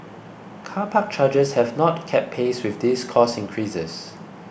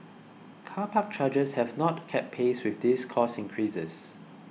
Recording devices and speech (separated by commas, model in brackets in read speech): boundary microphone (BM630), mobile phone (iPhone 6), read sentence